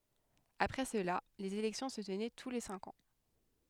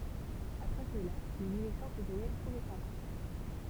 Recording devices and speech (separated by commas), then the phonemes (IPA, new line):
headset microphone, temple vibration pickup, read sentence
apʁɛ səla lez elɛktjɔ̃ sə tənɛ tu le sɛ̃k ɑ̃